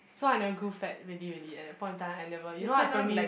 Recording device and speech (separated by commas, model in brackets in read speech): boundary microphone, conversation in the same room